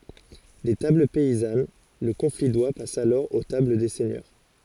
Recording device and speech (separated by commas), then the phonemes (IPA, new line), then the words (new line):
forehead accelerometer, read sentence
de tabl pɛizan lə kɔ̃fi dwa pas alɔʁ o tabl de sɛɲœʁ
Des tables paysannes, le confit d'oie passe alors aux tables des seigneurs.